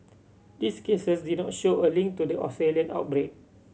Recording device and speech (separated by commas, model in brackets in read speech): mobile phone (Samsung C7100), read sentence